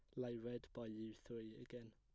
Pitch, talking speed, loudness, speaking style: 120 Hz, 205 wpm, -51 LUFS, plain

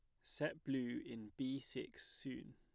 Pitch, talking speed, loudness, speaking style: 130 Hz, 155 wpm, -46 LUFS, plain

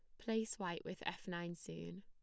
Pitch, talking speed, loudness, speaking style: 180 Hz, 195 wpm, -44 LUFS, plain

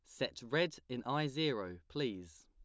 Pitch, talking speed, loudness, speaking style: 125 Hz, 160 wpm, -38 LUFS, plain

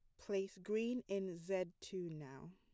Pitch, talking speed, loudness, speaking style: 190 Hz, 155 wpm, -43 LUFS, plain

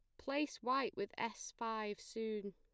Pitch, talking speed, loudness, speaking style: 225 Hz, 155 wpm, -42 LUFS, plain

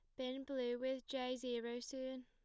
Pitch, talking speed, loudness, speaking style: 255 Hz, 175 wpm, -44 LUFS, plain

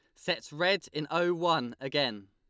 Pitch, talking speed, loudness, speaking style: 155 Hz, 170 wpm, -30 LUFS, Lombard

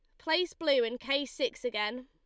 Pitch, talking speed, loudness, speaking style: 275 Hz, 195 wpm, -31 LUFS, Lombard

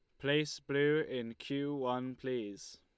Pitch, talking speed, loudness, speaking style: 135 Hz, 140 wpm, -36 LUFS, Lombard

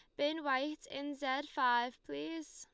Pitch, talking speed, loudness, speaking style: 265 Hz, 155 wpm, -37 LUFS, Lombard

